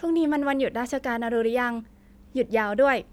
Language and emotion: Thai, neutral